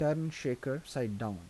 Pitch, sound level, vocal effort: 135 Hz, 81 dB SPL, soft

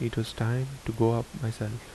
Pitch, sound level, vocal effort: 115 Hz, 74 dB SPL, soft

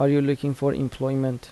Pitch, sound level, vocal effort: 135 Hz, 81 dB SPL, soft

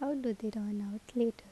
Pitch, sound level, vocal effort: 220 Hz, 75 dB SPL, soft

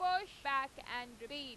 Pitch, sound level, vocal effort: 275 Hz, 99 dB SPL, loud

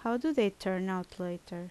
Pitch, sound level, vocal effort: 185 Hz, 79 dB SPL, normal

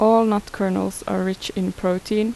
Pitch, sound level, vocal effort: 195 Hz, 81 dB SPL, normal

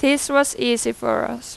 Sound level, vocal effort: 90 dB SPL, very loud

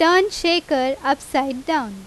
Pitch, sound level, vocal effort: 280 Hz, 89 dB SPL, very loud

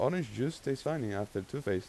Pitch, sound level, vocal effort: 130 Hz, 87 dB SPL, normal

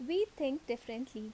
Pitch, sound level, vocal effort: 255 Hz, 80 dB SPL, normal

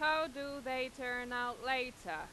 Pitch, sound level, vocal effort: 260 Hz, 97 dB SPL, loud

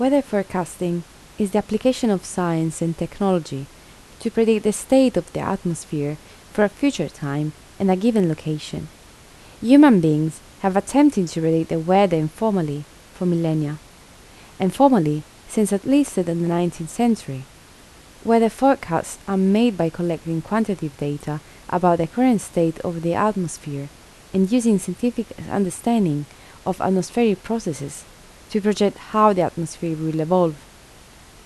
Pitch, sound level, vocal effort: 180 Hz, 77 dB SPL, soft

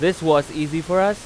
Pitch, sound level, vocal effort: 165 Hz, 97 dB SPL, very loud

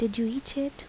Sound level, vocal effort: 75 dB SPL, soft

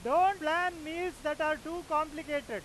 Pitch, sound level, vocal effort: 315 Hz, 104 dB SPL, very loud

